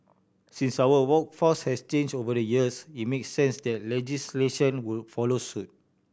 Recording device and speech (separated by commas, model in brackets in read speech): boundary microphone (BM630), read sentence